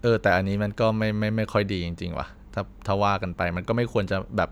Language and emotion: Thai, frustrated